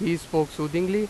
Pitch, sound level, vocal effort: 170 Hz, 91 dB SPL, loud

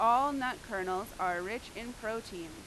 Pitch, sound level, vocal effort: 215 Hz, 93 dB SPL, very loud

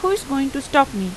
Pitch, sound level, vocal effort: 275 Hz, 87 dB SPL, normal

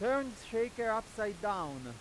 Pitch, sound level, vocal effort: 220 Hz, 100 dB SPL, very loud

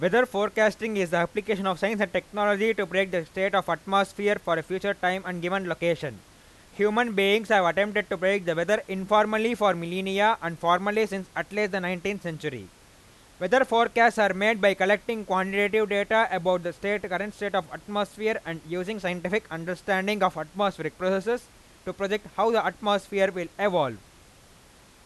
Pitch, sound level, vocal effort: 195 Hz, 98 dB SPL, very loud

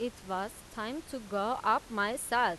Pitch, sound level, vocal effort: 225 Hz, 92 dB SPL, loud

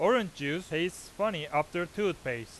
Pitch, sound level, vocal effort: 165 Hz, 95 dB SPL, loud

